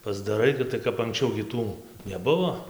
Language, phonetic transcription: Lithuanian, pasdaˈrai ˈgi tai kap anksˈčiau gi ˈtų neˈbuvo

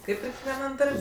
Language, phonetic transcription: Lithuanian, ˈkaip ir kekvieˈnam ˈdar'b'

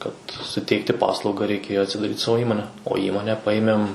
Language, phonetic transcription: Lithuanian, kad suˈteikti ˈpaslauga reiˈkėjo atsidaˈryt ˈsavo ˈįmone o ˈįmone ˈpajimem

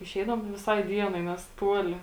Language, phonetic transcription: Lithuanian, iˈšeidavom tai viˈsai ˈdienai ˈnes ˈtuoli

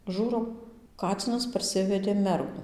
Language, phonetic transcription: Lithuanian, ˈžūrau ˈkacinas parˈsivedė ˈmergu

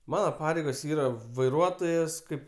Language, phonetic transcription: Lithuanian, ˈmana ˈpareigos ˈyra vaiˈruotojas ˈkaip

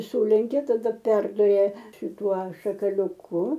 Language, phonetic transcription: Lithuanian, ˈsūlenkia taˈda ˈperduria šiˈtuo šakaliuˈku

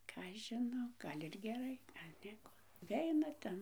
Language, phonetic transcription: Lithuanian, ˈką aš žiˈnau ˈgal' ir geˈrai ˈnieko nuˈveina ˈten

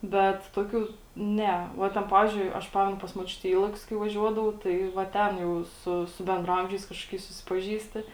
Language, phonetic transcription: Lithuanian, ˈbet ˈtoˌkių ˈne ˈva ten ˈpavizdžiui ˈaš ˈpamenu pas moˈčiute i ˈylakius kai vaˈžiuodavau ˈtai va ˈten jau ˈsu su bendraˈamžiais ˈkažkoˌkiais susipaˈžįsti

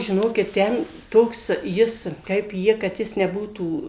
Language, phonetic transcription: Lithuanian, žiˈnokit ˈten ˈtoks ˈjis kaip ˈji kad ˈjis neˈbūtų

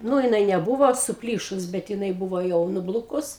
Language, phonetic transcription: Lithuanian, ˈnū jiˈnai neˈbuvo suˈplyšus bet jiˈnai ˈbuvo ˈjau nuˈblukus

